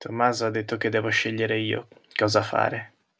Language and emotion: Italian, sad